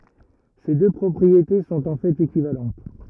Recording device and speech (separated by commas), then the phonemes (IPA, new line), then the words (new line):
rigid in-ear microphone, read sentence
se dø pʁɔpʁiete sɔ̃t ɑ̃ fɛt ekivalɑ̃t
Ces deux propriétés sont en fait équivalentes.